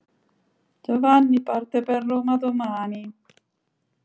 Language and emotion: Italian, sad